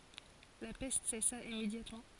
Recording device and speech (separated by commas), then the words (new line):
forehead accelerometer, read sentence
La peste cessa immédiatement.